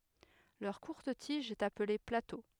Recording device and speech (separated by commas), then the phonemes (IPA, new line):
headset microphone, read sentence
lœʁ kuʁt tiʒ ɛt aple plato